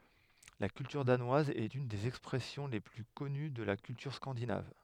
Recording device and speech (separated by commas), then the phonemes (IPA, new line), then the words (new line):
headset microphone, read sentence
la kyltyʁ danwaz ɛt yn dez ɛkspʁɛsjɔ̃ le ply kɔny də la kyltyʁ skɑ̃dinav
La culture danoise est une des expressions les plus connues de la culture scandinave.